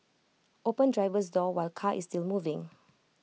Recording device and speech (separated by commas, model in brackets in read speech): mobile phone (iPhone 6), read sentence